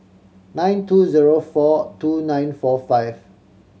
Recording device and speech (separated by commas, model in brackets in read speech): mobile phone (Samsung C7100), read sentence